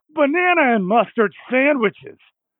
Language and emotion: English, disgusted